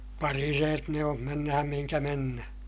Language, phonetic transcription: Finnish, parireet ne om mennähäm mihiŋkä mennähÄ .
- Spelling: parireet ne on mennään mihin mennään

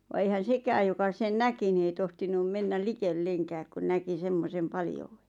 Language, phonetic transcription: Finnish, va eihän̬ "sekääj joka sen "näki ni ei 'tohtinum mennäl "likel"leŋkääk ku 'näki "semmosem 'paljouwᴇ .
- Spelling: vaan eihän sekään joka sen näki niin ei tohtinut mennä likellekään kun näki semmoisen paljouden

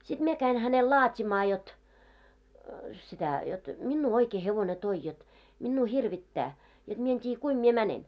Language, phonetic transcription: Finnish, siᴅ 'mie käin hänel 'laat́imaa jot , sitä , jot 'minnuu 'oikee hevone toi jot , minnuu 'hirvittää , jot 'mie en t́iiʲᵃ̈ 'kuim mie 'mänen .
- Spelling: sitten minä kävin hänelle laatimaan jotta sitä jotta minua oikein hevonen toi jotta minua hirvittää jotta minä en tiedä kuinka minä menen

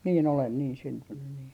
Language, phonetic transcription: Finnish, 'nii olen niin 'syntynny nii .
- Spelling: niin olen niin syntynyt niin

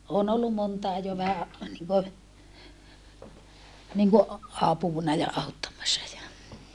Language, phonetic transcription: Finnish, oon ollu montàe jo vähä , niŋkö , niŋko , apùna ja auttammassa ja ,.
- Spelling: olen ollut montakin jo vähän niin kuin niin kuin apuna ja auttamassa ja

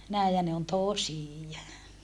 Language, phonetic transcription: Finnish, nä̀i ja ne on tosìja .
- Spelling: näin ja ne on tosia

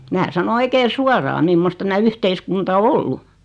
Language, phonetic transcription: Finnish, 'mää sano 'oikee "suoraa 'mimmost tämä 'yhteiskunta o "ollu .
- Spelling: minä sanoin oikein suoraan mimmoista tämä yhteiskunta on ollut

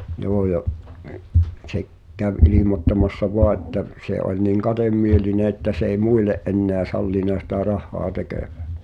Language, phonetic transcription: Finnish, 'joo ja , se k- , käv 'ilimottamassa "voa että , se ’oĺ niŋ 'kaᴅ̳emmieline että s ‿ei "muile’ ’enneä 'sallìna sitä "rah̆hoa 'tekö̀ᴠᴀ̈ .
- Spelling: joo ja se - kävi ilmoittamassa vain että se oli niin kademielinen että se ei muille enää sallinut sitä rahaa tekevän

